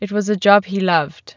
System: none